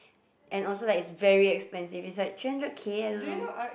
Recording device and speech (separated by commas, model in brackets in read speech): boundary microphone, conversation in the same room